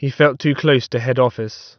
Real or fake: real